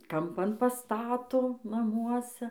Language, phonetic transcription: Lithuanian, kamˈpan paˈstato naˈmuose

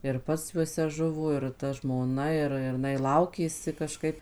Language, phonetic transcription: Lithuanian, ir ˈpats juoˈse ˈžuvo ir ta žmoˈna ˈir ir iˈnai ˈlaukėsi kaˈžkaip

